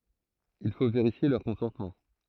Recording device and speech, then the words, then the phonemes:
throat microphone, read sentence
Il faut vérifier leurs consentements.
il fo veʁifje lœʁ kɔ̃sɑ̃tmɑ̃

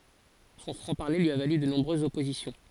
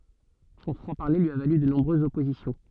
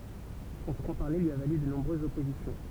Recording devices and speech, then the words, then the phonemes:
forehead accelerometer, soft in-ear microphone, temple vibration pickup, read sentence
Son franc-parler lui a valu de nombreuses oppositions.
sɔ̃ fʁɑ̃ paʁle lyi a valy də nɔ̃bʁøzz ɔpozisjɔ̃

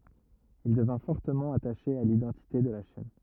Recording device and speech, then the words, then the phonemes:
rigid in-ear microphone, read sentence
Il devint fortement attaché à l’identité de la chaîne.
il dəvɛ̃ fɔʁtəmɑ̃ ataʃe a lidɑ̃tite də la ʃɛn

